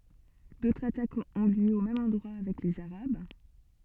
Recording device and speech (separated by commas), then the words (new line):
soft in-ear microphone, read sentence
D'autres attaques ont lieu au même endroit avec les arabes.